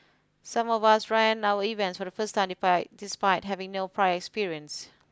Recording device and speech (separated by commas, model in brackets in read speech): close-talking microphone (WH20), read sentence